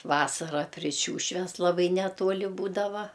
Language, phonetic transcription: Lithuanian, ˈvasara pri ˈšiūšves ˈlabai neˈtuoli ˈbūdava

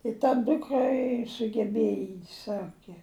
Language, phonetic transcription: Lithuanian, i ta ˈdukra i sugeˈbėja i ˈsake

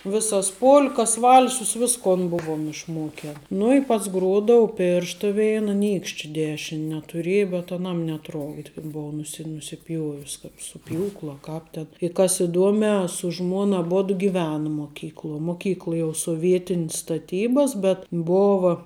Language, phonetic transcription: Lithuanian, ˈvisas ˈpolkas ˈvalsus ˈviskon ˈbuvom išˈmoken ˈnu i ˈpats ˈgruodau ˈpėršta ˈveina ˈnykšči ˈdešin' netuˈrėja bet aˈnam neˈtrokdi kad ˈbou nuˈsi nusiˈpjuovis kap su ˈpjūklu a ˈkāp ten i kas iˈduomiā su ˈžmuon ˈabodu giˈvena moˈkykluo moˈkykla jau soˈvietin's staˈtybas bet ˈbova

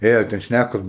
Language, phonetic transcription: Lithuanian, ˈėjo ten ˈšnækos

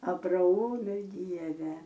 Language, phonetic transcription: Lithuanian, abraˈomi ˈdieve

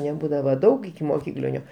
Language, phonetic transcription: Lithuanian, neˈbūdava ˈdaug ikimoˈkyklinio

